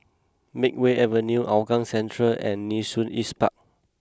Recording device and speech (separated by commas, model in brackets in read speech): close-talking microphone (WH20), read sentence